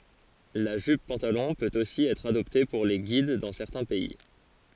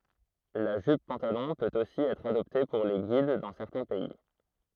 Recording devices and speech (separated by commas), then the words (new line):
forehead accelerometer, throat microphone, read sentence
La jupe-pantalon peut aussi être adoptée pour les Guides dans certains pays.